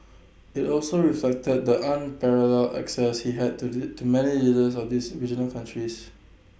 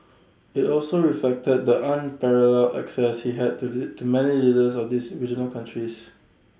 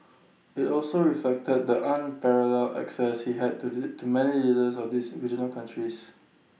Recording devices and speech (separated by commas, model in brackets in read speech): boundary microphone (BM630), standing microphone (AKG C214), mobile phone (iPhone 6), read sentence